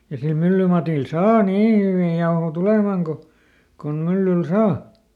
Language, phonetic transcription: Finnish, ja sil ˈmyllymatil "saa "nii hyvì ˈjaoho ˈtulemaŋ ko , kon ˈmyllyl "saa .
- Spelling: ja sillä myllymatilla saa niin hyviä jauhoja tulemaan kuin kuin myllyllä saa

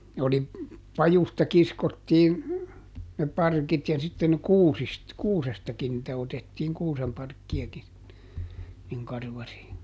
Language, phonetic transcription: Finnish, ne oli , ˈpajusta ˈkiskottiin , ne ˈparkit ja sitten "kuusist , "kuusestakin nⁱtä otettiiŋ ˈkuusemparkki₍aki , niŋ ˈkarvari .
- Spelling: ne oli pajusta kiskottiin ne parkit ja sitten kuusista kuusestakin niitä otettiin kuusenparkkiakin niin karvari

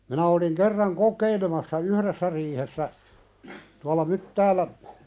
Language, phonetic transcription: Finnish, minä oliŋ 'kerraŋ "kok̆keilemassa "uhðessä riihessä , tuala "Myttäälä ,.
- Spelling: minä olin kerran kokeilemassa yhdessä riihessä tuolla Myttäällä

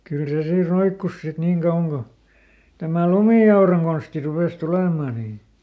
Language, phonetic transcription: Finnish, ˈkyl se ˈsii ˈroikkus sit ˈniiŋ kauwaŋ Go , ˈtämä "lumì₍auraŋ Gonsti ˈrupès ˈtulèmà nii .
- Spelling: kyllä se siinä roikkui sitten niin kauan kuin tämä lumiauran konsti rupesi tulemaan niin

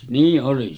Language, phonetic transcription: Finnish, 'nii’ ’oli .
- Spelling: niin oli

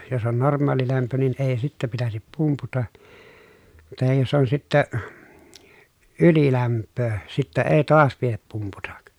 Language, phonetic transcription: Finnish, jos ‿on norm̀aalilämpö nin ee sittä pitäsip pumputa , tahij josˢ ‿on sittä , ylilämppöö , sittä ee toas piep pumputak » .
- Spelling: jos on normaalilämpö niin ei sitten pitäisi pumputa tai jos on sitten ylilämpöä sitten ei taas pidä pumputa

